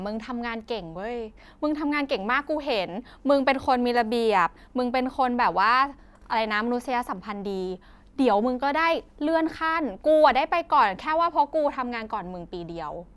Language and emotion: Thai, happy